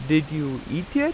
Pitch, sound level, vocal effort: 155 Hz, 87 dB SPL, loud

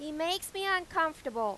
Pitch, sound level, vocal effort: 325 Hz, 95 dB SPL, very loud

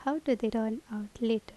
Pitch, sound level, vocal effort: 225 Hz, 77 dB SPL, soft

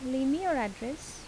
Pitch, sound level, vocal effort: 265 Hz, 79 dB SPL, soft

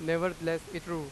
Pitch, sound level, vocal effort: 165 Hz, 96 dB SPL, very loud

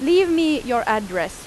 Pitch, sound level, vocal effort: 245 Hz, 92 dB SPL, very loud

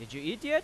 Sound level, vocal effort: 95 dB SPL, loud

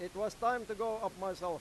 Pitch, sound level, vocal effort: 205 Hz, 100 dB SPL, very loud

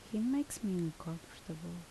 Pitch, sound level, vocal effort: 175 Hz, 74 dB SPL, soft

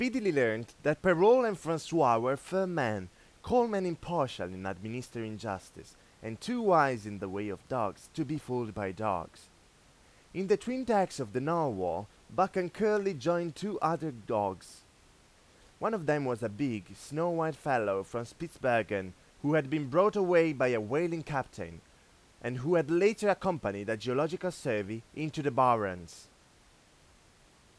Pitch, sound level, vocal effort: 145 Hz, 93 dB SPL, loud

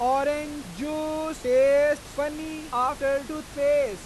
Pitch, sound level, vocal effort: 290 Hz, 102 dB SPL, very loud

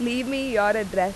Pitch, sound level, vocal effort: 215 Hz, 91 dB SPL, loud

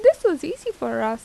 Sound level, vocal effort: 86 dB SPL, normal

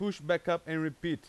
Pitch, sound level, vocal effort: 170 Hz, 94 dB SPL, very loud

